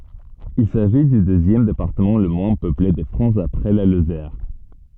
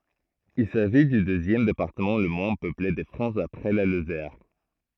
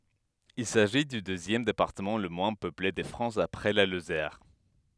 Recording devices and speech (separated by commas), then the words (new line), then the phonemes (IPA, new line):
soft in-ear microphone, throat microphone, headset microphone, read sentence
Il s'agit du deuxième département le moins peuplé de France après la Lozère.
il saʒi dy døzjɛm depaʁtəmɑ̃ lə mwɛ̃ pøple də fʁɑ̃s apʁɛ la lozɛʁ